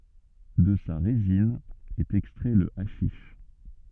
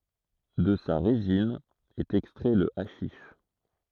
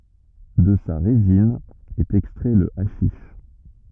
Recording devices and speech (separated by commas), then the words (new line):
soft in-ear microphone, throat microphone, rigid in-ear microphone, read sentence
De sa résine est extrait le haschisch.